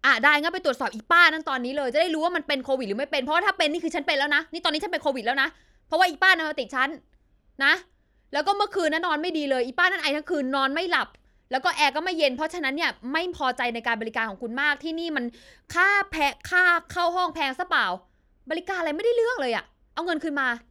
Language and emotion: Thai, angry